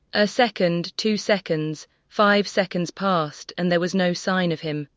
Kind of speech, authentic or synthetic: synthetic